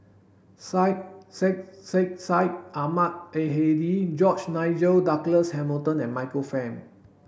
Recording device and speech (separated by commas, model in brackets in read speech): boundary microphone (BM630), read sentence